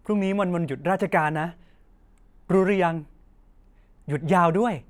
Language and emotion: Thai, happy